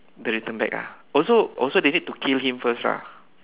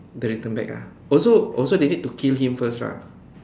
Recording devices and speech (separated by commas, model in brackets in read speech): telephone, standing microphone, conversation in separate rooms